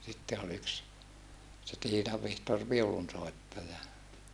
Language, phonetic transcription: Finnish, sitte ol yks , se Tiinav Vihtor viulunsòettaja .
- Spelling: sitten oli yksi se Tiinan Vihtori viulunsoittaja

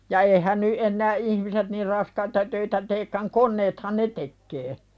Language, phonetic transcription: Finnish, ja 'eihän ny ’ennää "’ihmiset nir 'raskaita töitä teekkäŋ 'konneethan "ne tekkee .
- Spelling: ja eihän nyt enää ihmiset niin raskaita töitä teekään koneethan ne tekee

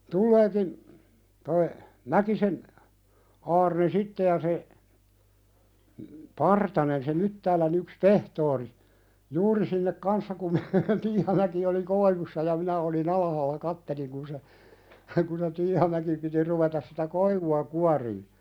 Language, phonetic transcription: Finnish, tulleekin , toi , 'Mäkisen , 'Aarne "sitte ja se , "Partanen se 'Myttäälän ‿yks "pehtoori , "juuri sinnek 'kanssa kum me "Tiihamäki oli 'koivussa ja 'minä òli"n ‿alahaalla 'katteliŋ kun se , kun se 'Tiihamäki piti ruvetas sitä "koivu₍a 'kuarii .
- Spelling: tuleekin tuo Mäkisen Aarne sitten ja se Partanen se Myttäälän yksi pehtori juuri sinne kanssa kun me Tiihamäki oli koivussa ja minä olin alhaalla katselin kun se kun se Tiihamäki piti ruveta sitä koivua kuorimaan

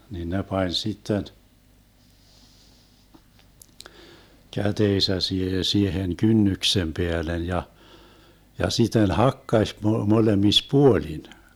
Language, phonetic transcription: Finnish, nin "ne pań 'sitten , 'käteesä siehe 'siehen "kynnyksem 'peälen ja , ja sit̆ten "hakkaś mo- 'molemis "puolin .
- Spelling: niin ne pani sitten kätensä siihen siihen kynnyksen päälle ja ja sitten hakkasi - molemmissa puolin

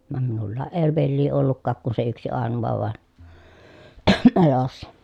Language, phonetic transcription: Finnish, vam minullaaʼ ʼee vellii ollukkaak kun se yksi àenuva vàen , elossa .
- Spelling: vaan minulla ei veljiä ollutkaan kuin se yksi ainoa vain elossa

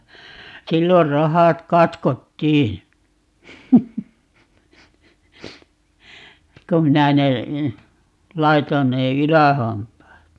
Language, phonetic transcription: Finnish, "sillor "rohat 'katkottii , kum 'minä ne , 'laiton ne "ylähampaat .
- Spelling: silloin rohat katkottiin kun minä ne laitoin ne ylähampaat

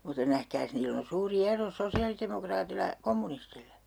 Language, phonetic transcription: Finnish, mutta 'nähkääs 'niill ‿on̬ 'suuri "ero 'sosi₍alitemokraatilla ʲᵃ , 'kommunistillä .
- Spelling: mutta nähkääs niillä on suuri ero sosiaalidemokraatilla ja kommunistilla

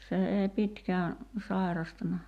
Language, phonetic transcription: Finnish, se ei 'pitkää , 'sài̬rastana .
- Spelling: se ei pitkään sairastanut

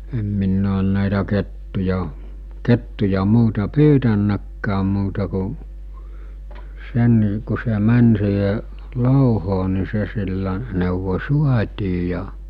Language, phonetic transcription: Finnish, em minn ‿oon nä̀itä kettuja , 'kettuja 'muuta "pyytännäkkääm muuta ku , 'sen , ku se 'män siihe , 'lòuhoo ni se sillä , nèuvo͕ "suat̜ii ja ,.
- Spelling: en minä ole näitä kettuja kettuja muuta pyytänytkään muuta kuin sen kun se meni siihen louhoon niin se sillä neuvoin saatiin ja

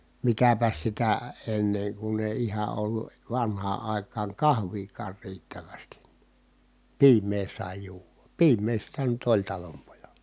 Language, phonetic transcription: Finnish, mitäpäs sitä , enneŋ kun ‿èi iha ollu , vanhaa ài̮kaaŋ kahviikaar riittävästi , piim̀ee sài juuva , piim̀ee sitä nyt oĺ talompojaLA .
- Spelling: mitäpäs sitä ennen kun ei ihan ollut vanhaan aikaan kahviakaan riittävästi piimää sai juoda piimää sitä nyt oli talonpojalla

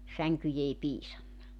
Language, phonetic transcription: Finnish, 'säŋkyj ‿ei piisanna .
- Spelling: sänkyjä ei piisannut

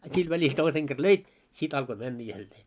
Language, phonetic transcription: Finnish, a 'sil välil 'toiseŋ ɢer "löit , 'sit alko 'männä 'jällee .
- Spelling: a sillä välillä toisen kerran löit sitten alkoi mennä jälleen

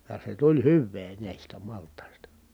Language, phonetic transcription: Finnish, ja se tuĺ hyvvee nä̀istä malt̀ài̮sta .
- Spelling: ja se tuli hyvää näistä maltaista

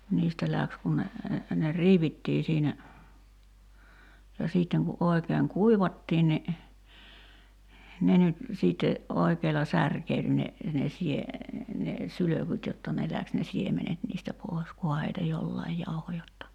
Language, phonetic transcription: Finnish, 'niistä läks kun ne , ne 'riivittii siinä , ja 'siitteŋ ku '’oi̬keeŋ "kuivattiin ni , 'ne nyt , 'siitte , '’oikeela "särkeil ne , ne 'sie- , ne , 'sylökyt jotta ne 'läks ne "siemenet niistä 'pòi̬s 'kuha heitä "jollaij 'jauho jotta .
- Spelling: niistä lähti kun ne ne riivittiin siinä ja sitten kun oikein kuivattiin niin ne nyt sitten oikealla särkeili ne ne - ne sylkyt jotta ne lähti ne siemenet niistä pois kunhan heitä jollakin jauhoi jotta

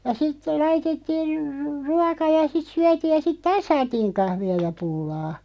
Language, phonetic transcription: Finnish, ja sitte 'laitettii r- ru- , "ruaka ja 'sit 'syätiij ja 'sit "taas 'saatiiŋ 'kahvi₍a ja 'pullaa .
- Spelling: ja sitten laitettiin - - ruoka ja sitten syötiin ja sitten taas saatiin kahvia ja pullaa

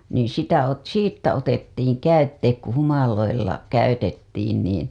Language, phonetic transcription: Finnish, niiḭ sitä ot- , "siittä otettiiŋ 'käytteet ku 'humaloilla , käytettiin niin̬ .
- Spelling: niin sitä - siitä otettiin käytteet kun humaloilla käytettiin niin

